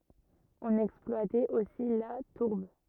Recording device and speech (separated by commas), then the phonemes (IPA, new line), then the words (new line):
rigid in-ear microphone, read sentence
ɔ̃n ɛksplwatɛt osi la tuʁb
On exploitait aussi la tourbe.